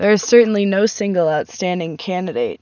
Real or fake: real